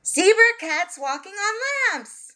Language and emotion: English, surprised